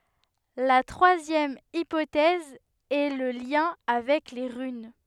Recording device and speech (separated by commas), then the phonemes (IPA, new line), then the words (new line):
headset microphone, read sentence
la tʁwazjɛm ipotɛz ɛ lə ljɛ̃ avɛk le ʁyn
La troisième hypothèse est le lien avec les runes.